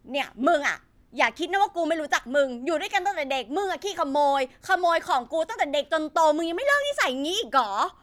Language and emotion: Thai, angry